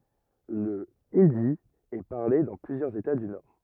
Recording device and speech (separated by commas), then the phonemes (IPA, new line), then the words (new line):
rigid in-ear microphone, read sentence
lə indi ɛ paʁle dɑ̃ plyzjœʁz eta dy nɔʁ
Le hindi est parlé dans plusieurs États du Nord.